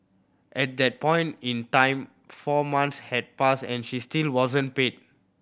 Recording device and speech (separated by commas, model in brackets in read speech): boundary microphone (BM630), read sentence